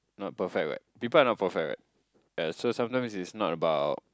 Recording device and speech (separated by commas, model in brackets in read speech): close-talking microphone, conversation in the same room